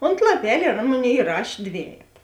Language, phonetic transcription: Lithuanian, ont laˈpel' ir ˈan ˈmoˌnėi iˈrašė ˈdvejeta

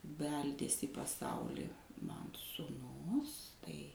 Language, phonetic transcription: Lithuanian, ˈbeldės' į paˈsauli ˈman sūˈnus tai

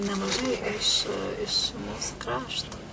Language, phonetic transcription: Lithuanian, nemaˈžai iš iš ˈmūsu ˈkrašto

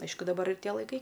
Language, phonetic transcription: Lithuanian, ˈaišku daˈbar ir ˈtie laiˈkai

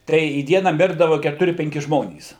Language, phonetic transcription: Lithuanian, ˈtai į ˈdieną ˈmirdava ketuˈri penˈki ˈžmonys

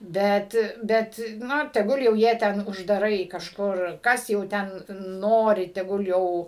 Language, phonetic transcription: Lithuanian, ˈbet ˈbet ˈnu teˈgul jau ˈjie ˈten uždaˈrai kažˈkur ˈkas jau ˈten ˈnori teˈgul ˈjau

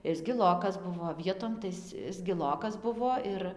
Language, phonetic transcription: Lithuanian, ˈis gilokas ˈbuvo ˈvietom tai ˈis ˈis giˈlokas ˈbuvo ˈir

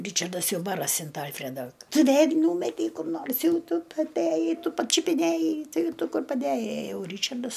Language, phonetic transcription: Lithuanian, ˈryčardas ˈjau ˈbarasi ant ˈalfreda tu ˈvėl' ˈnūmetei kur ˈnors ˈjau ˈtu ˈtu atˈæjai ˈtu pačiupiˈnæjai ˈtai ˈtu ˈkur paˈdæjai a ˈjau ˈryčardas

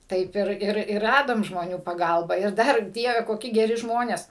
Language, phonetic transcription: Lithuanian, ˈtaip ir ˈir ir ˈradom žmoˈnių paˈgalba ir ˈdar ˈdieve koˈki geˈri ˈžmonės

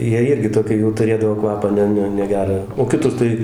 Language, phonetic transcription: Lithuanian, ˈjie ˈirgi ˈtokį jau tuˈrėdavo ˈkvapą ˈne ˈne neˈgerą o kiˈtur tai

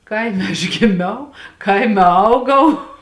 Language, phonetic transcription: Lithuanian, ˈkaime aš giˈmiau ˈkaime ˈaugau

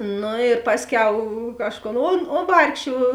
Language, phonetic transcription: Lithuanian, ˈnu ir ˈpasˌkiau ˈkažˌkon on o ˈvargšė

